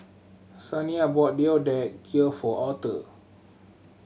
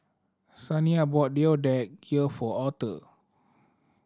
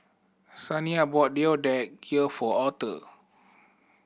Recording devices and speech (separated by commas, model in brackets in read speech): mobile phone (Samsung C7100), standing microphone (AKG C214), boundary microphone (BM630), read sentence